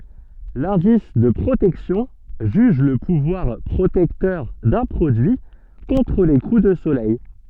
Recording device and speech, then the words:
soft in-ear microphone, read sentence
L'indice de protection juge le pouvoir protecteur d'un produit contre les coups de soleil.

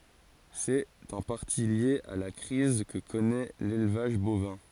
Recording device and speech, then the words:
forehead accelerometer, read sentence
C'est en partie lié à la crise que connaît l'élevage bovin.

